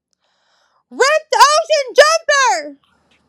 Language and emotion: English, neutral